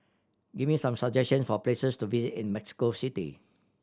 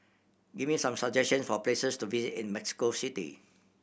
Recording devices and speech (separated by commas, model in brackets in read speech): standing microphone (AKG C214), boundary microphone (BM630), read sentence